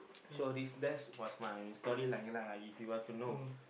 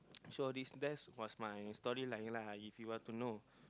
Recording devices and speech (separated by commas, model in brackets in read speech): boundary microphone, close-talking microphone, conversation in the same room